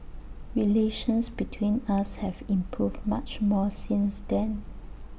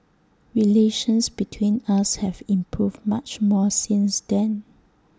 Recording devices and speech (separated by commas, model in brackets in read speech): boundary microphone (BM630), standing microphone (AKG C214), read sentence